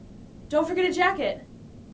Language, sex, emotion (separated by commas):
English, female, neutral